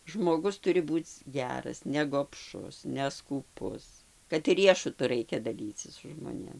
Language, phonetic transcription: Lithuanian, žmoˈgus ˈturi ˈbūc ˈgeras negobˈšus neskūˈpus kad ˈriešutu ˈraikia daˈlycis su žmoˈnėm

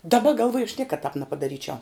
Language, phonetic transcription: Lithuanian, daˈba galˈvuoju aš ˈniekad tāp nepadaˈryčiau

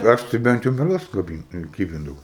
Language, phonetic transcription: Lithuanian, ˈaš tai ˈbent jau merˈgas kaˈbyn ˈkybindavau

